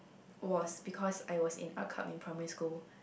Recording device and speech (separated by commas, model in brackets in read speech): boundary microphone, conversation in the same room